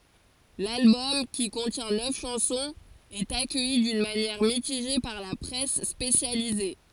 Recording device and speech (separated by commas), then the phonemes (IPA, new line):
forehead accelerometer, read sentence
lalbɔm ki kɔ̃tjɛ̃ nœf ʃɑ̃sɔ̃z ɛt akœji dyn manjɛʁ mitiʒe paʁ la pʁɛs spesjalize